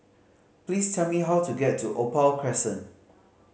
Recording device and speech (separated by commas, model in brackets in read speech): mobile phone (Samsung C5010), read sentence